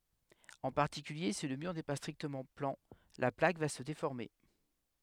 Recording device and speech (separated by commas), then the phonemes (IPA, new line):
headset microphone, read sentence
ɑ̃ paʁtikylje si lə myʁ nɛ pa stʁiktəmɑ̃ plɑ̃ la plak va sə defɔʁme